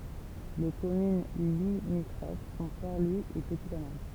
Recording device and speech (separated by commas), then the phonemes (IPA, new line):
temple vibration pickup, read sentence
le kɔmyn limitʁof sɔ̃ pɔʁ lwi e pəti kanal